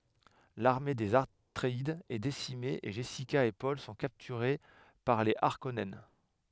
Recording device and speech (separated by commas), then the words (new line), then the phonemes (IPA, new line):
headset microphone, read sentence
L'armée des Atréides est décimée et Jessica et Paul sont capturés par les Harkonnen.
laʁme dez atʁeidz ɛ desime e ʒɛsika e pɔl sɔ̃ kaptyʁe paʁ le aʁkɔnɛn